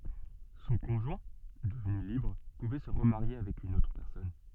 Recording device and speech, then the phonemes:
soft in-ear microphone, read sentence
sɔ̃ kɔ̃ʒwɛ̃ dəvny libʁ puvɛ sə ʁəmaʁje avɛk yn otʁ pɛʁsɔn

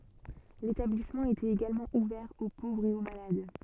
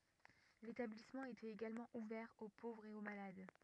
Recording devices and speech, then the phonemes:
soft in-ear microphone, rigid in-ear microphone, read sentence
letablismɑ̃ etɛt eɡalmɑ̃ uvɛʁ o povʁz e o malad

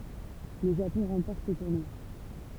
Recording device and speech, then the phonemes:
temple vibration pickup, read sentence
lə ʒapɔ̃ ʁɑ̃pɔʁt sə tuʁnwa

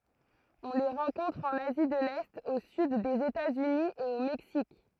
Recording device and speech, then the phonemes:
throat microphone, read sentence
ɔ̃ le ʁɑ̃kɔ̃tʁ ɑ̃n azi də lɛt o syd dez etatsyni e o mɛksik

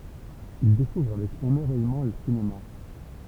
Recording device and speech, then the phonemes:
temple vibration pickup, read sentence
il dekuvʁ avɛk emɛʁvɛjmɑ̃ lə sinema

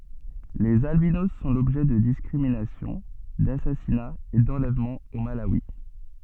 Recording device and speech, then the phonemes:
soft in-ear microphone, read sentence
lez albinos sɔ̃ lɔbʒɛ də diskʁiminasjɔ̃ dasasinaz e dɑ̃lɛvmɑ̃z o malawi

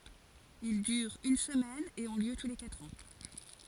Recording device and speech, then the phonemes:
forehead accelerometer, read sentence
il dyʁt yn səmɛn e ɔ̃ ljø tu le katʁ ɑ̃

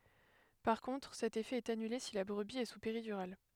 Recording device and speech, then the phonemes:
headset microphone, read sentence
paʁ kɔ̃tʁ sɛt efɛ ɛt anyle si la bʁəbi ɛ su peʁidyʁal

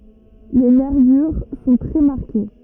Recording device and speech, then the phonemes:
rigid in-ear microphone, read sentence
le nɛʁvyʁ sɔ̃ tʁɛ maʁke

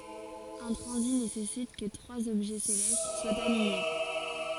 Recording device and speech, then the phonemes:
forehead accelerometer, read sentence
œ̃ tʁɑ̃zit nesɛsit kə tʁwaz ɔbʒɛ selɛst swat aliɲe

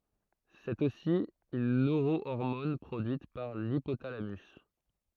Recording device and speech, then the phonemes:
throat microphone, read sentence
sɛt osi yn nøʁoɔʁmɔn pʁodyit paʁ lipotalamys

